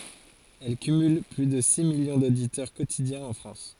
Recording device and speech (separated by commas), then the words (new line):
forehead accelerometer, read sentence
Elle cumule plus de six millions d'auditeurs quotidiens en France.